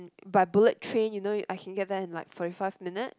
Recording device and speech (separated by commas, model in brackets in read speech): close-talking microphone, conversation in the same room